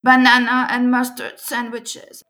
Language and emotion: English, sad